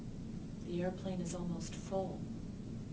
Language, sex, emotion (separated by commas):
English, female, sad